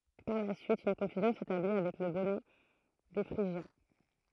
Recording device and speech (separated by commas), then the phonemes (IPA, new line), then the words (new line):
throat microphone, read sentence
paʁ la syit yn kɔ̃fyzjɔ̃ setabli avɛk lə bɔnɛ de fʁiʒjɛ̃
Par la suite, une confusion s'établit avec le bonnet des Phrygiens.